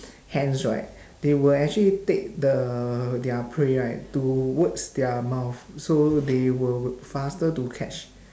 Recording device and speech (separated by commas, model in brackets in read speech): standing microphone, conversation in separate rooms